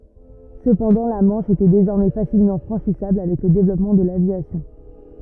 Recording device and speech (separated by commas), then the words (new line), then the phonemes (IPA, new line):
rigid in-ear microphone, read sentence
Cependant la Manche était désormais facilement franchissable avec le développement de l'aviation.
səpɑ̃dɑ̃ la mɑ̃ʃ etɛ dezɔʁmɛ fasilmɑ̃ fʁɑ̃ʃisabl avɛk lə devlɔpmɑ̃ də lavjasjɔ̃